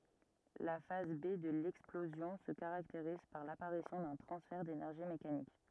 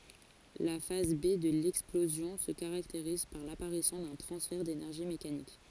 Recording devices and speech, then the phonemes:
rigid in-ear microphone, forehead accelerometer, read sentence
la faz be də lɛksplozjɔ̃ sə kaʁakteʁiz paʁ lapaʁisjɔ̃ dœ̃ tʁɑ̃sfɛʁ denɛʁʒi mekanik

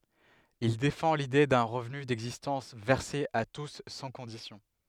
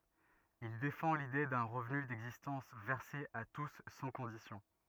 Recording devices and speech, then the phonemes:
headset microphone, rigid in-ear microphone, read sentence
il defɑ̃ lide dœ̃ ʁəvny dɛɡzistɑ̃s vɛʁse a tus sɑ̃ kɔ̃disjɔ̃

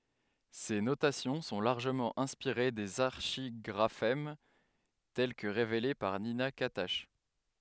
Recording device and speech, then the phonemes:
headset microphone, read sentence
se notasjɔ̃ sɔ̃ laʁʒəmɑ̃ ɛ̃spiʁe dez aʁʃiɡʁafɛm tɛl kə ʁevele paʁ nina katak

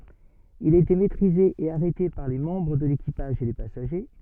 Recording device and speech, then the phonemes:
soft in-ear microphone, read sentence
il a ete mɛtʁize e aʁɛte paʁ le mɑ̃bʁ də lekipaʒ e le pasaʒe

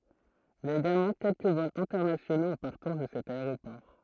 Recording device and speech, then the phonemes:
throat microphone, read sentence
il i a eɡalmɑ̃ kɛlkə vɔlz ɛ̃tɛʁnasjonoz ɑ̃ paʁtɑ̃s də sɛt aeʁopɔʁ

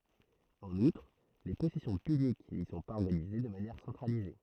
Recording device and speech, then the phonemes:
throat microphone, read sentence
ɑ̃n utʁ le pɔsɛsjɔ̃ pynik ni sɔ̃ paz ɔʁɡanize də manjɛʁ sɑ̃tʁalize

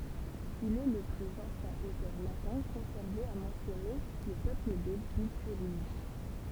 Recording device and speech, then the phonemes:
temple vibration pickup, read sentence
il ɛ lə plyz ɑ̃sjɛ̃ otœʁ latɛ̃ kɔ̃sɛʁve a mɑ̃sjɔne lə pøpl de bityʁiʒ

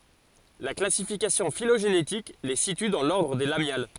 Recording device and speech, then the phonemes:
forehead accelerometer, read sentence
la klasifikasjɔ̃ filoʒenetik le sity dɑ̃ lɔʁdʁ de lamjal

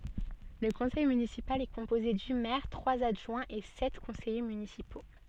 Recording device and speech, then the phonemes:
soft in-ear microphone, read sentence
lə kɔ̃sɛj mynisipal ɛ kɔ̃poze dy mɛʁ tʁwaz adʒwɛ̃z e sɛt kɔ̃sɛje mynisipo

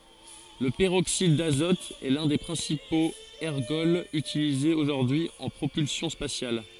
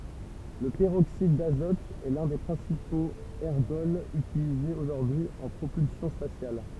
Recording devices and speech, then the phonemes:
forehead accelerometer, temple vibration pickup, read sentence
lə pəʁoksid dazɔt ɛ lœ̃ de pʁɛ̃sipoz ɛʁɡɔlz ytilizez oʒuʁdyi y ɑ̃ pʁopylsjɔ̃ spasjal

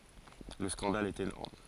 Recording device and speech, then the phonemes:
forehead accelerometer, read sentence
lə skɑ̃dal ɛt enɔʁm

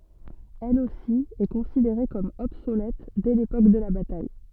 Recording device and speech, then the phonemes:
soft in-ear microphone, read sentence
ɛl osi ɛ kɔ̃sideʁe kɔm ɔbsolɛt dɛ lepok də la bataj

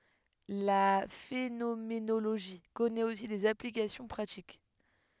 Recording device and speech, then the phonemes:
headset microphone, read sentence
la fenomenoloʒi kɔnɛt osi dez aplikasjɔ̃ pʁatik

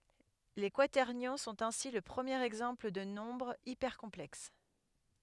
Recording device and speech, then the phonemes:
headset microphone, read sentence
le kwatɛʁnjɔ̃ sɔ̃t ɛ̃si lə pʁəmjeʁ ɛɡzɑ̃pl də nɔ̃bʁz ipɛʁkɔ̃plɛks

